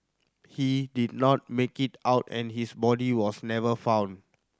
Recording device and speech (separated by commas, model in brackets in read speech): standing microphone (AKG C214), read sentence